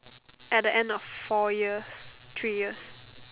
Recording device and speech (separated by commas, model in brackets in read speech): telephone, conversation in separate rooms